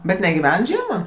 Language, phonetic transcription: Lithuanian, bet negiˈven ˈžiema

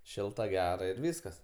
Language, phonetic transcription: Lithuanian, ˈšilta ˈgera ir ˈvyskas

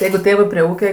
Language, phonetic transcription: Lithuanian, ˈjeigu ˈtėvɜ prie ˈūke

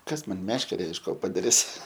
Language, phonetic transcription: Lithuanian, ˈkas ˈman ˈmeškere iš ˈko padaˈris

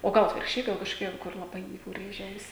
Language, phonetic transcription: Lithuanian, o ˈgal atvirkšˈčiai gal kažkoˈkia kur laˈbai jau ˈrėžia ˈausi

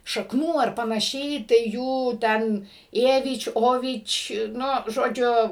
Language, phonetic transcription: Lithuanian, šakˈnų ar panaˈšiai tai ˈjų ˈten ˈėvič' ˈovič' nu žoˈdžiu

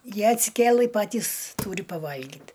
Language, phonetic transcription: Lithuanian, ˈjie atsiˈkėlɨ ˈpatys ˈtūri paˈvalgyt

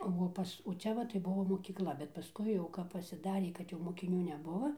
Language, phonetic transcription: Lithuanian, o ˈpas o ˈčia va tai ˈbuvo mokykˈla bet paˈskui jau kap pasiˈdarė kad jau mokiˈnių neˈbuvo

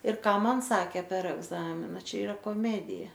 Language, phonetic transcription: Lithuanian, ir ˈką ˈman ˈsakė per ˈegzamina ˈčia iˈra koˈmedija

